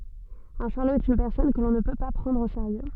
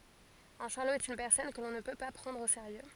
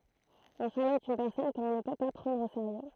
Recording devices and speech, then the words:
soft in-ear microphone, forehead accelerometer, throat microphone, read sentence
Un charlot est une personne que l'on ne peut pas prendre au sérieux.

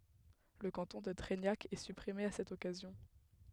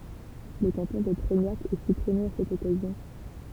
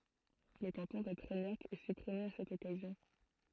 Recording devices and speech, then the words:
headset microphone, temple vibration pickup, throat microphone, read sentence
Le canton de Treignac est supprimé à cette occasion.

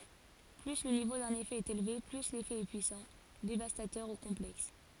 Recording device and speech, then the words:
forehead accelerometer, read sentence
Plus le niveau d'un effet est élevé, plus l'effet est puissant, dévastateur ou complexe.

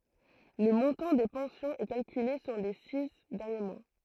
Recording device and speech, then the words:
throat microphone, read sentence
Le montant des pensions est calculée sur les six derniers mois.

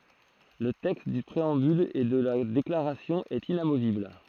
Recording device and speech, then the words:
throat microphone, read sentence
Le texte du préambule et de la déclaration est inamovible.

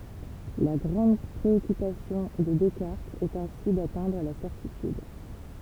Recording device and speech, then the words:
temple vibration pickup, read sentence
La grande préoccupation de Descartes est ainsi d'atteindre la certitude.

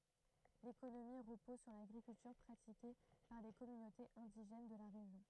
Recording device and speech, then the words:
throat microphone, read sentence
L'économie repose sur l'agriculture pratiquée par les communautés indigènes de la région.

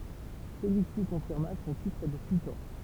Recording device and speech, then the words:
temple vibration pickup, read sentence
Celui-ci confirma son titre de sultan.

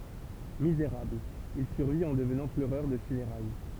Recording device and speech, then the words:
temple vibration pickup, read sentence
Misérable, il survit en devenant pleureur de funérailles.

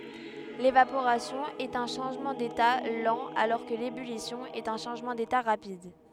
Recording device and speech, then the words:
headset microphone, read sentence
L'évaporation est un changement d'état lent alors que l'ébullition est un changement d'état rapide.

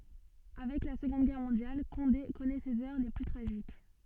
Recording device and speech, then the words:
soft in-ear microphone, read sentence
Avec la Seconde Guerre mondiale, Condé connaît ses heures les plus tragiques.

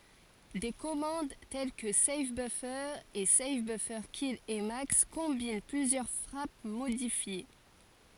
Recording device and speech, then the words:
forehead accelerometer, read sentence
Des commandes telles que save-buffer et save-buffers-kill-emacs combinent plusieurs frappes modifiées.

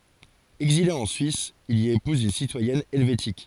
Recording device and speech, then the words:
forehead accelerometer, read sentence
Exilé en Suisse, il y épouse une citoyenne helvétique.

